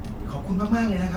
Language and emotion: Thai, happy